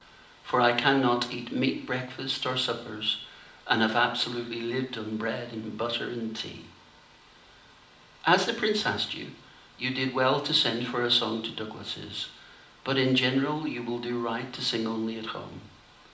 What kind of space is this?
A medium-sized room.